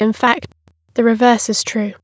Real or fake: fake